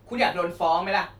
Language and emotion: Thai, angry